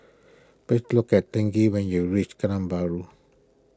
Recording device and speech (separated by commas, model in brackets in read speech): close-talking microphone (WH20), read sentence